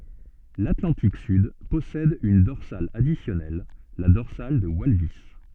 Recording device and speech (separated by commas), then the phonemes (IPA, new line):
soft in-ear microphone, read sentence
latlɑ̃tik syd pɔsɛd yn dɔʁsal adisjɔnɛl la dɔʁsal də walvis